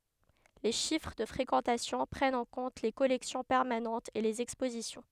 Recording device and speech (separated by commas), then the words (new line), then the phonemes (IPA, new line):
headset microphone, read sentence
Les chiffres de fréquentation prennent en compte les collections permanentes et les expositions.
le ʃifʁ də fʁekɑ̃tasjɔ̃ pʁɛnt ɑ̃ kɔ̃t le kɔlɛksjɔ̃ pɛʁmanɑ̃tz e lez ɛkspozisjɔ̃